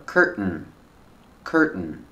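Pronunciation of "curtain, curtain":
In 'curtain', the t is a stop T that falls straight into an N, and the second syllable is not stressed. This pronunciation is correct.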